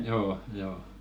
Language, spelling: Finnish, joo joo
- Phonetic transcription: 'joo , 'joo .

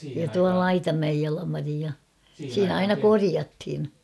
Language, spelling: Finnish, ja tuo Laitamäen Jalmari ja siinä aina korjattiin
- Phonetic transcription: ja tua "Laitamäej 'Jalamari ja 'siinä 'aina "koriathin .

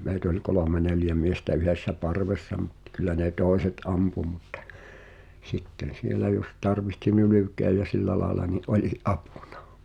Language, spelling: Finnish, meitä oli kolme neljä miestä yhdessä parvessa mutta kyllä ne toiset ampui mutta sitten siellä jos tarvitsi nylkeä ja sillä lailla niin oli apuna
- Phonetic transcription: 'meit ‿oĺ "kolòme 'neljä miestä 'yhessä "parvessa mut , 'kyl̆lä ne 'tòeset "ampu mutᵗᴬ , "sitten̬ 'sielä jos 'tarvihti "nylyk̆keä jä 'sillä laaᵉla ni’ '’oĺi , "’apᴜɴᴀ , .

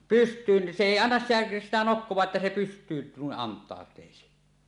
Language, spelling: Finnish, pystyyn se ei anna sitä sitä nokkaansa että se pystyyn noin antautuisi
- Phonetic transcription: pyst̀yyn , 'se "èi "annas sitᴀ̈ , sitä 'nokkoẁaaˀ 'ˀettä se 'pyst̀yyn 'nuiˀ 'ˀant̀àot̀èisi .

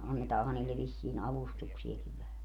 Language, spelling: Finnish, annetaanhan niille vissiin avustuksiakin vähän
- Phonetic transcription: 'annetaaha 'niille vissiin "avustuksiekiv vähä .

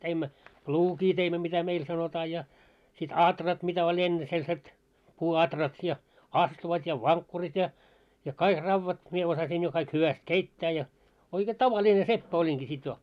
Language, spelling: Finnish, teimme pluukia teimme mitä meillä sanotaan ja sitten aurat mitä oli ennen sellaiset puuaurat ja astuvat ja vankkurit ja ja kaikki raudat minä osasin jo kaikki hyvästi keittää ja oikein tavallinen seppä olinkin sitten jo
- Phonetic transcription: teimmä , "pluukii teimmä mitä 'meil 'sanotaa ja , sit "atrat mitä oĺ ‿enne 'selset , 'puu₍atrat ja , "astuvat ja "vaŋkkurit ja , ja "kaik 'rauvat , 'mie osasiin jo kaik 'hyväst "keittää ja , oike "tava'ĺine 'seppä oĺiŋki sit jo .

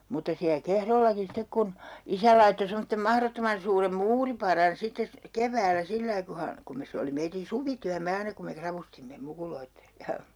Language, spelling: Finnish, mutta siellä Kehrollakin sitten kun isä laittoi semmoisen mahdottoman suuren muuripadan sitten - keväällä sillä lailla kun hän kun me se oli meidän suvityömme aina kun me ravustimme mukuloiden
- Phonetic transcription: mutta siä "Kehrollaki 'sitek kun , 'isä laitto 'semottem 'mahrottoman suurem "muuriparan 'sittes sy- , "kev̀äälä 'sillai ku ha , kum mes 'se oli 'meitin̬ "suvityämme 'aina kum me 'kravustimme , 'mukuloitte .

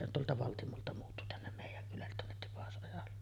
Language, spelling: Finnish, se on tuolta Valtimolta muuttui tänne meidän kylälle tuonne Tipasojalle
- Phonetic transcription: se ‿on 'tuolta 'Valtimolta muuttu tännem mèij̆jäŋ kylället 'tuonnet 'Tipas’ojalle .

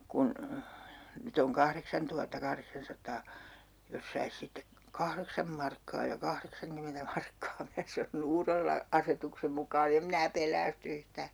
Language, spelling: Finnish, kun nyt on kahdeksantuhatta kahdeksansataa jos saisi sitten kahdeksan markkaa ja kahdeksankymmentä markkaa minä sanoin uudella asetuksen mukaan en minä pelästy yhtään
- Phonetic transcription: kun , 'nyt ‿oŋ 'kahreksantuhatta'kahreksansat̆taa , 'jos sais 'sittek- , "kahreksam markkaa ja 'kahreksaŋkymentä markkaa » (minä sanon) » 'uurella , "asetuksem mukaa'n ‿em mⁱnä "pel̆läästy 'yhtää » .

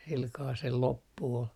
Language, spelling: Finnish, sillä kalella sen loppu oli
- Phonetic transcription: silkaa sel 'loppu ol .

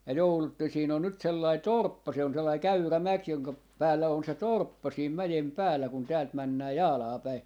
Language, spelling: Finnish, ja joudutte siinä on nyt sellainen torppa se on sellainen käyrä mäki jonka päällä on se torppa siinä mäen päällä kun täältä mennään Jaalaan päin
- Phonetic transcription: ja 'joulutten 'siin ‿on nyt 'sellai "torppa se on sellai "käyrä "mäk joŋka , 'päällä on se "torppa siim 'mäjem "päällä kun 'täält männää "Jaalaa päi .

